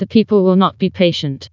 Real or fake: fake